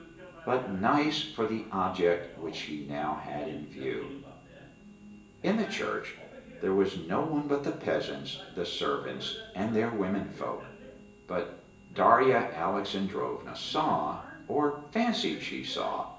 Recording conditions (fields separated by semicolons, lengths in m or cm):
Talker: one person; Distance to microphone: 1.8 m; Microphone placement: close; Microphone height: 1.0 m; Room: large; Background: television